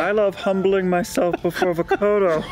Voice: goofy voice